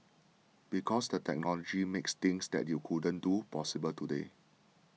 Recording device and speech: mobile phone (iPhone 6), read sentence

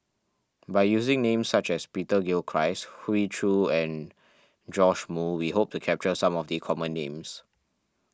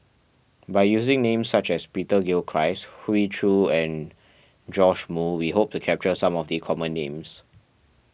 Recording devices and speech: standing microphone (AKG C214), boundary microphone (BM630), read sentence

